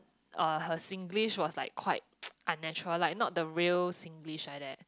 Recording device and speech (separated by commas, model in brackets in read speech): close-talking microphone, conversation in the same room